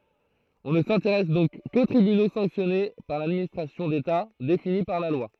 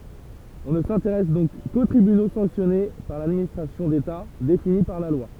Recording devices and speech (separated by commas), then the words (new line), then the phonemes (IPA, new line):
throat microphone, temple vibration pickup, read sentence
On ne s'intéresse donc qu'aux tribunaux sanctionnés par l'administration d'État, définis par la loi.
ɔ̃ nə sɛ̃teʁɛs dɔ̃k ko tʁibyno sɑ̃ksjɔne paʁ ladministʁasjɔ̃ deta defini paʁ la lwa